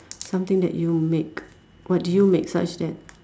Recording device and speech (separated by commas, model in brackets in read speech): standing microphone, conversation in separate rooms